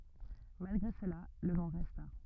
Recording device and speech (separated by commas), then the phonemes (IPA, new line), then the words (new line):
rigid in-ear microphone, read sentence
malɡʁe səla lə nɔ̃ ʁɛsta
Malgré cela, le nom resta.